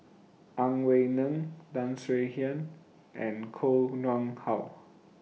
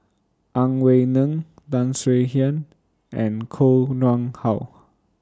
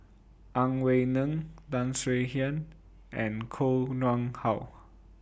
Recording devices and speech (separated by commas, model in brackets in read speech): mobile phone (iPhone 6), standing microphone (AKG C214), boundary microphone (BM630), read sentence